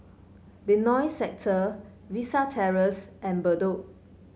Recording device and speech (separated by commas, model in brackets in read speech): mobile phone (Samsung C5), read sentence